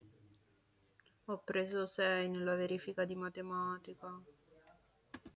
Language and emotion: Italian, sad